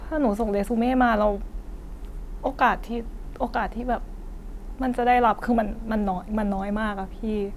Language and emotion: Thai, sad